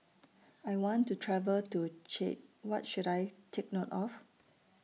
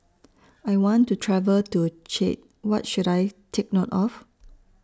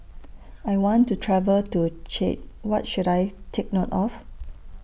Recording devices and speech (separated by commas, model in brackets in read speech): mobile phone (iPhone 6), standing microphone (AKG C214), boundary microphone (BM630), read sentence